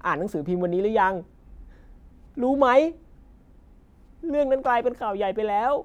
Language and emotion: Thai, frustrated